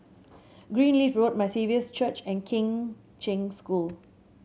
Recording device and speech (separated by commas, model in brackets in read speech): mobile phone (Samsung C7100), read sentence